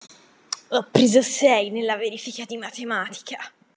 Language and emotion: Italian, disgusted